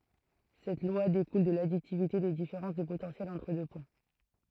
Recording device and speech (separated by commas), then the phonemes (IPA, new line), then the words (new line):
throat microphone, read sentence
sɛt lwa dekul də laditivite de difeʁɑ̃s də potɑ̃sjɛl ɑ̃tʁ dø pwɛ̃
Cette loi découle de l'additivité des différences de potentiel entre deux points.